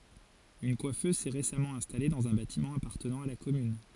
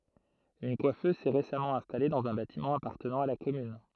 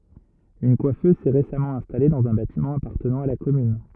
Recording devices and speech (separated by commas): forehead accelerometer, throat microphone, rigid in-ear microphone, read sentence